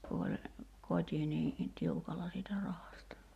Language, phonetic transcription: Finnish, ku oĺ , 'kot́i nii , "tiukalla siitä 'rahasta .
- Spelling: kun oli koti niin tiukalla siitä rahasta

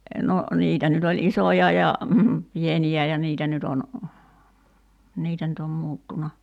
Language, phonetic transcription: Finnish, no , 'niitä nyt ‿oĺ "isoja ja , 'pieni₍ä ja 'niitä nyt ‿on , 'niitä nyt ‿om 'muuttuna .
- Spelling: no niitä nyt oli isoja ja pieniä ja niitä nyt on niitä nyt on muuttunut

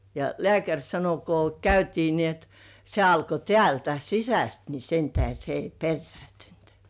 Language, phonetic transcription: Finnish, ja "lĕä̀käŕ 'sano ko "käytii ni ‿et , se alko "tĕä̀ltä , "sisäst ni 'sentähe se ei "perrĕä̀ntynt .
- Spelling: ja lääkäri sanoi kun käytiin niin että se alkoi täältä sisästä niin sen tähden se ei perääntynyt

